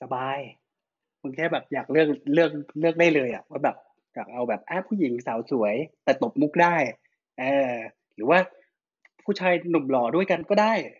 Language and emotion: Thai, happy